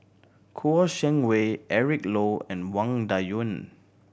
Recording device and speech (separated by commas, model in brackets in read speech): boundary microphone (BM630), read sentence